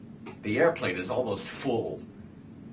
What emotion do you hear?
neutral